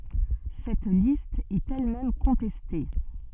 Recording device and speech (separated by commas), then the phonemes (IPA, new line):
soft in-ear microphone, read sentence
sɛt list ɛt ɛl mɛm kɔ̃tɛste